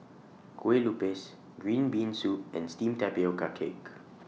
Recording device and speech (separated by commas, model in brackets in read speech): mobile phone (iPhone 6), read sentence